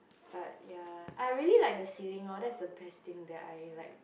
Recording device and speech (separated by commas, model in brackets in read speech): boundary microphone, conversation in the same room